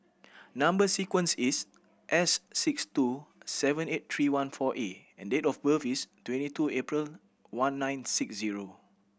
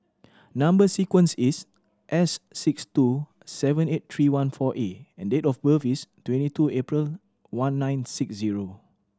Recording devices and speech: boundary microphone (BM630), standing microphone (AKG C214), read sentence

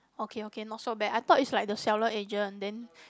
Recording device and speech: close-talking microphone, conversation in the same room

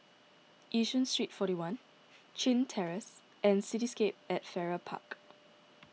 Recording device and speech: mobile phone (iPhone 6), read sentence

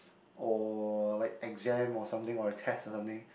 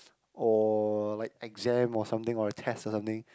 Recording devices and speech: boundary microphone, close-talking microphone, conversation in the same room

